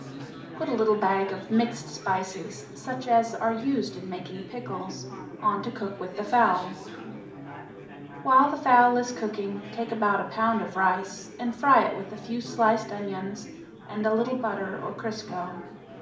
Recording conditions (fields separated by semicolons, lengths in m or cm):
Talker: one person; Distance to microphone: 2.0 m; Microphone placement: close; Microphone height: 99 cm; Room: medium-sized (5.7 m by 4.0 m); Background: babble